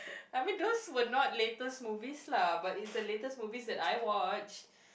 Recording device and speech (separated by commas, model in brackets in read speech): boundary microphone, conversation in the same room